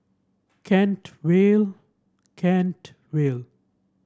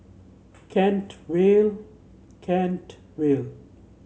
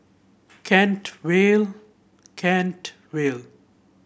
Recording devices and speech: standing microphone (AKG C214), mobile phone (Samsung C7), boundary microphone (BM630), read sentence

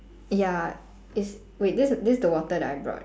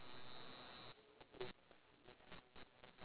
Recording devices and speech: standing microphone, telephone, conversation in separate rooms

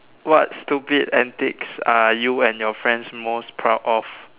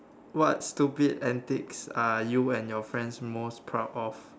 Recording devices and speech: telephone, standing microphone, conversation in separate rooms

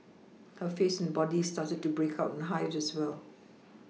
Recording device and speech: mobile phone (iPhone 6), read sentence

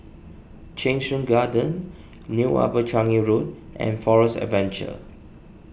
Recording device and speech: boundary microphone (BM630), read sentence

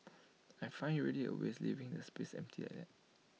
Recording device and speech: mobile phone (iPhone 6), read sentence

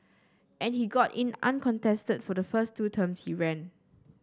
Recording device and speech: standing microphone (AKG C214), read sentence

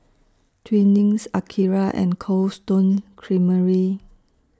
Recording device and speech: standing microphone (AKG C214), read sentence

